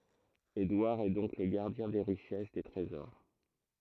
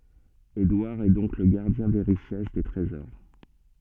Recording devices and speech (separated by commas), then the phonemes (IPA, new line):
throat microphone, soft in-ear microphone, read sentence
edwaʁ ɛ dɔ̃k lə ɡaʁdjɛ̃ de ʁiʃɛs de tʁezɔʁ